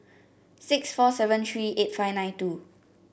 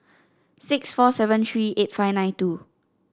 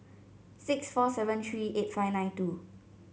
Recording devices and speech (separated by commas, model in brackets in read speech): boundary microphone (BM630), standing microphone (AKG C214), mobile phone (Samsung C7), read sentence